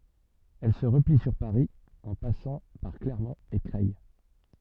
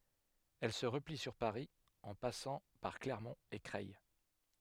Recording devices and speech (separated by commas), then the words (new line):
soft in-ear microphone, headset microphone, read sentence
Elle se replie sur Paris en passant par Clermont et Creil.